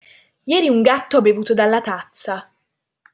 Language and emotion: Italian, surprised